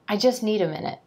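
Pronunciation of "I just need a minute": In 'just need', the t at the end of 'just' is dropped, so no t sound is heard between 'jus' and 'need'.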